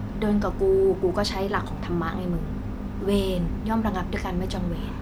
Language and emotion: Thai, neutral